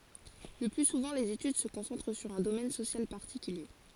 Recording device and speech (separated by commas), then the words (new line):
forehead accelerometer, read sentence
Le plus souvent, les études se concentrent sur un domaine social particulier.